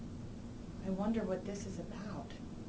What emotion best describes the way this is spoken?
neutral